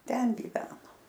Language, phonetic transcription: Lithuanian, ˈten gyˈveno

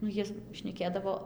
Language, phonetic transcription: Lithuanian, nu ˈjie šneˈkėdavo

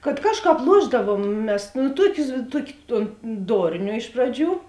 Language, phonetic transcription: Lithuanian, kad ˈkažˌkāp ˈluošdavuom ˈmes nu ˈtuokius ˈtuoki ton ˈdornio ˈiš praˌdžių

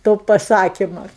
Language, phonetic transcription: Lithuanian, to paˈsakima

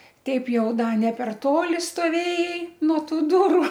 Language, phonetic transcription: Lithuanian, ˈteip ˈjau ˈda ne per ˈtoli stoˈvėjai nuo ˈtų ˈduru

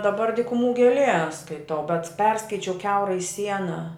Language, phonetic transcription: Lithuanian, daˈbar dykuˈmų gėˈlie skaiˈtau bet ˈperskaičiau ˈkiaurai ˈsiena

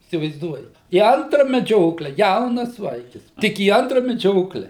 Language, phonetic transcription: Lithuanian, įsivaizˈduojat į ˈantra meˈdžiokle ˈjaunas ˈvaikis ˈtik į ˈantra meˈdžiokle

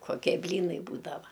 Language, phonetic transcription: Lithuanian, koˈkie ˈblynai ˈbūdava

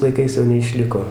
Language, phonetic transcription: Lithuanian, laiˈkais jau neiˈšliko

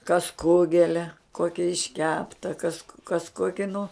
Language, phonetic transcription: Lithuanian, kas ˈkugelia ˈkokia išˈkepta kas kas ˈkoki nu

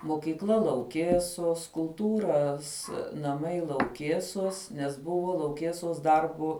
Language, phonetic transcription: Lithuanian, mokykˈla lauˈkėsos kulˈtūras naˈmai lauˈkėsos nes ˈbuvo lauˈkėsos ˈdarbo

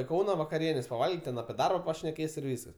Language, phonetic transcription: Lithuanian, i ˈkauna vakaˈrienės paˈvalgyt' ten apie ˈdarba pašneˈkės ir ˈvyskas

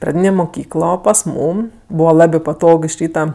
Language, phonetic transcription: Lithuanian, praˈdynė muˈkyklo pas ˈmūm ˈbūva ˈlabė paˈtog iš ˈryta

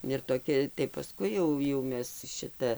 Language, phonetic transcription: Lithuanian, ir toˈkia tai paˈskui jau jau ˈmes ˈšita

